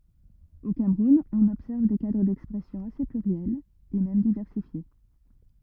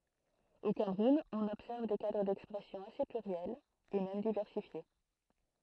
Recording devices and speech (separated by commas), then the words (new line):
rigid in-ear microphone, throat microphone, read sentence
Au Cameroun, on observe des cadres d'expression assez pluriels et même diversifiés.